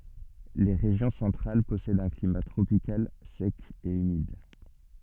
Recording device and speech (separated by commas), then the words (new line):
soft in-ear microphone, read sentence
Les régions centrales possèdent un climat tropical sec et humide.